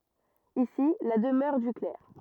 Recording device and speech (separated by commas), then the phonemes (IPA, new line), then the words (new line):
rigid in-ear microphone, read sentence
isi la dəmœʁ dy klɛʁ
Ici la demeure du clerc.